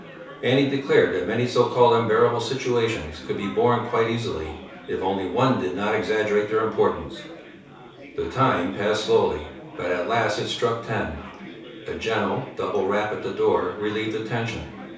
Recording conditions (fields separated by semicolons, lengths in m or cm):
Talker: one person; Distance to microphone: 3.0 m; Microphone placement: far; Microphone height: 1.8 m; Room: small (3.7 m by 2.7 m); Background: babble